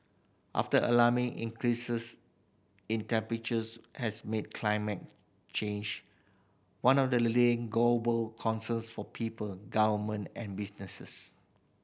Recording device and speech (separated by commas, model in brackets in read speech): boundary microphone (BM630), read sentence